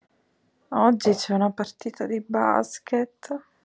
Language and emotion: Italian, sad